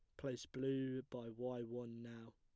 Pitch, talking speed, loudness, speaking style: 125 Hz, 165 wpm, -46 LUFS, plain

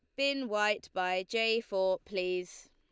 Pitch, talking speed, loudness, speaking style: 200 Hz, 145 wpm, -32 LUFS, Lombard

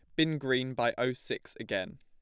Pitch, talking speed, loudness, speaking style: 130 Hz, 200 wpm, -32 LUFS, plain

